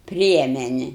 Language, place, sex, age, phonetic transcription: Lithuanian, Aukštaitija, female, 60+, ˈpriemenia

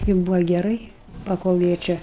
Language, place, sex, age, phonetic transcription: Lithuanian, Aukštaitija, female, 60+, i ˈbūva geˈrai paˈkol ˈjie ˈčia

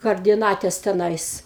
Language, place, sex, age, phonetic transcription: Lithuanian, Aukštaitija, female, 60+, kardiˈnates teˈnais

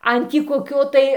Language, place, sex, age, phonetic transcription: Lithuanian, Dzūkija, female, 60+, ˈan tį koˈkio tai

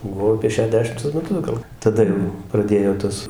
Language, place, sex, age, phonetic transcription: Lithuanian, Dzūkija, male, 60+, buˈvau apie šeˈdešimtus meˈtus gal taˈda jau praˈdėjo ˈtuos

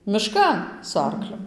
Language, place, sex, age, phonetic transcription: Lithuanian, Dzūkija, female, 18-60, miˈškan su ˈarkliu

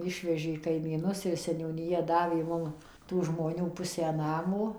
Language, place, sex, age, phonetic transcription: Lithuanian, Suvalkija, female, 60+, ˈišvežė kaimyˈnus ir seniūniˈja ˈdavė ˈmum tų žmoˈnių ˈpusę ˈnamo

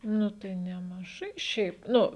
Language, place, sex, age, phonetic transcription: Lithuanian, Žemaitija, female, 18-60, ˈnu tai nemaˈžai ˈšiaip ˈnu

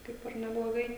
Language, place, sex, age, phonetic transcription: Lithuanian, Žemaitija, female, 18-60, ˈkaip ir nebloˈgai

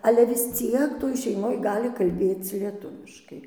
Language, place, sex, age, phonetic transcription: Lithuanian, Dzūkija, female, 60+, ˈale vis ˈciek toj šeiˈmoj ˈgali kalˈbėc lieˈtuviškai

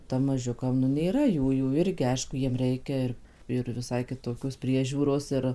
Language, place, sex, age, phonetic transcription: Lithuanian, Suvalkija, female, 18-60, ˈtam maˈžiukam nu nėˈra ˈjųjų ˈirgi ˈaišku ˈjiem ˈreikia ir ir viˈsai kiˈtokios ˈpriežiūros ˈir

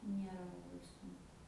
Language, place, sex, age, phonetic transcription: Lithuanian, Aukštaitija, female, 18-60, ˈniera laˈbai sunˈku

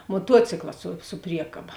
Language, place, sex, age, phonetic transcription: Lithuanian, Žemaitija, female, 18-60, moˈtuocikla su su ˈpriekaba

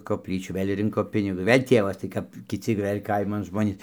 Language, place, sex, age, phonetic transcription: Lithuanian, Dzūkija, male, 60+, kopˈlyčių ˈvɘl' ˈrinko ˈpinigus ˈvėl' ˈtievas tai ˈkap kiˈci ˈvɘl' ˈkaiman ˈžmonys

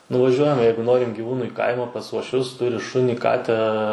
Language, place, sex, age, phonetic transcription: Lithuanian, Suvalkija, male, 18-60, nuvaˈžiuojam ˈjeigu ˈnorim giˈvūnuˈį kaimą pas uošˈvius ˈturi ˈšunį ˈkatę

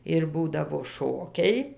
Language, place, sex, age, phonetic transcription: Lithuanian, Dzūkija, female, 60+, ir ˈbūdavo ˈšokiai

